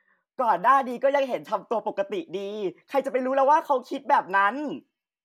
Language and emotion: Thai, happy